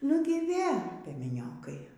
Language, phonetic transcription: Lithuanian, ˈnugi ˈvė piemeˈniokai

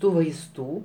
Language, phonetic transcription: Lithuanian, ˈtų vaisˈtų

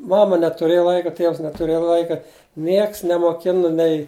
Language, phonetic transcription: Lithuanian, ˈmama netuˈrėja ˈlaika ˈtievs netuˈrėja ˈlaika ˈnieks nemoˈkina nei

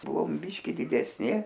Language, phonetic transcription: Lithuanian, ˈbuvom ˈbyški didesˈni

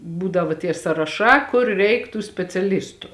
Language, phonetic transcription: Lithuanian, ˈbūdavo tie saraˈšā ˈkur ˈreik tų speciaˈlistu

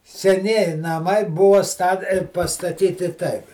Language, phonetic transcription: Lithuanian, seˈnieji naˈmai ˈbuva sta pastaˈtyti ˈtaip

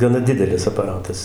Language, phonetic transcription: Lithuanian, gaˈna ˈdidelis apaˈratas

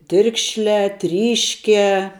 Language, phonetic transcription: Lithuanian, ˈtirkšliā ˈtryškiā

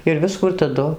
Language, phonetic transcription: Lithuanian, ir ˈviskų ir taˈdu

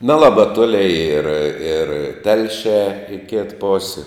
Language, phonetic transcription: Lithuanian, neˈlaba ˈtoli ir ir ˈtelšiā i kit ˈposi

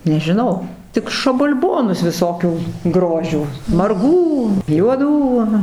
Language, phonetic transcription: Lithuanian, nežiˈnau ˈtik šabal'ˈbonus viˈsokių ˈgrožių marˈgų juoˈdų aˈna

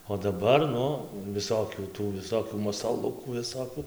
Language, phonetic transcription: Lithuanian, o daˈbar ˈnu viˈsokių ˈtų viˈsokių masaˈlukų viˈsokių

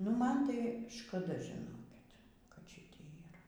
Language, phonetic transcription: Lithuanian, nu ˈman tai škaˈda žiˈnokit kad ˈšitėj yˈra

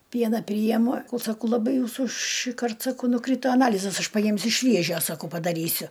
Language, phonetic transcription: Lithuanian, ˈpiena ˈpryjemu saˈkau laˈbai ˈjūsų šįˈkart saˈkau nuˈkryto aˈnalizas ˈaš paˈjimsiu ˈšviežio saˈkau padaˈrysiu

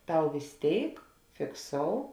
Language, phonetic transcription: Lithuanian, ˈtau vės ˈtėik fikˈsou

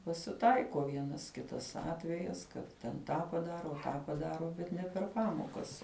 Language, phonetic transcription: Lithuanian, pasiˈtaiko ˈvienas ˈkitas ˈatvejas ˈkad ten ˈtą paˈdaro ˈtą paˈdaro bet ˈne per ˈpamokas

